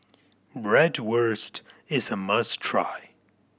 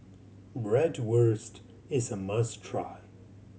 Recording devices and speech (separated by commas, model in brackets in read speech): boundary microphone (BM630), mobile phone (Samsung C7100), read sentence